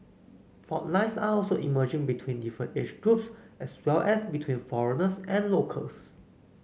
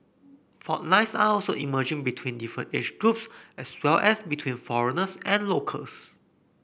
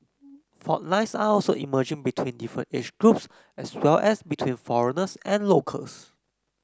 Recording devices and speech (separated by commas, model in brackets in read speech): mobile phone (Samsung C9), boundary microphone (BM630), close-talking microphone (WH30), read sentence